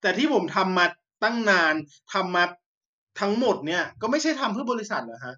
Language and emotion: Thai, angry